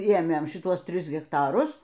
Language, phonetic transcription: Lithuanian, ˈėmėn šiˈtuos ˈtris hekˈtarus

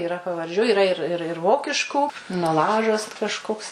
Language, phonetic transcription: Lithuanian, iˈra pavarˈdžių iˈra ir ˈir ir ˈvokiškų naˈlažas t kažˈkoks

